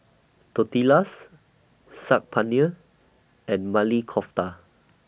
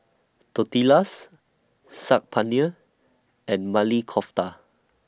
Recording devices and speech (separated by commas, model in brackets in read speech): boundary microphone (BM630), standing microphone (AKG C214), read sentence